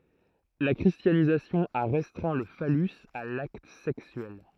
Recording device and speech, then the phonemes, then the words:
throat microphone, read sentence
la kʁistjanizasjɔ̃ a ʁɛstʁɛ̃ lə falys a lakt sɛksyɛl
La christianisation a restreint le phallus à l’acte sexuel.

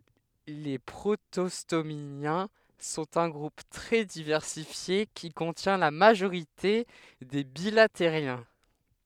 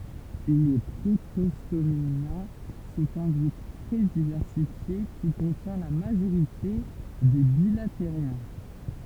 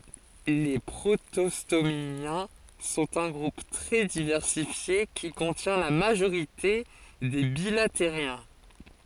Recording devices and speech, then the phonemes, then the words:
headset microphone, temple vibration pickup, forehead accelerometer, read sentence
le pʁotɔstomjɛ̃ sɔ̃t œ̃ ɡʁup tʁɛ divɛʁsifje ki kɔ̃tjɛ̃ la maʒoʁite de bilatəʁjɛ̃
Les protostomiens sont un groupe très diversifié qui contient la majorité des bilateriens.

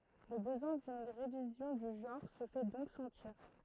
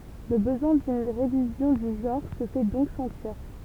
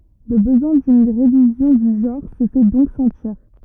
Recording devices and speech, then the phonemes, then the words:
throat microphone, temple vibration pickup, rigid in-ear microphone, read sentence
lə bəzwɛ̃ dyn ʁevizjɔ̃ dy ʒɑ̃ʁ sə fɛ dɔ̃k sɑ̃tiʁ
Le besoin d'une révision du genre se fait donc sentir.

